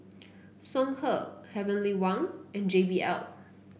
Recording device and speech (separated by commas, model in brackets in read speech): boundary microphone (BM630), read sentence